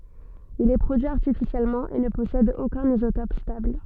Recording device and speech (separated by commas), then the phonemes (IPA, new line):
soft in-ear microphone, read sentence
il ɛ pʁodyi aʁtifisjɛlmɑ̃ e nə pɔsɛd okœ̃n izotɔp stabl